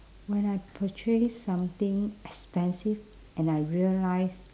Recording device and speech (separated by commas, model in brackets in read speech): standing microphone, conversation in separate rooms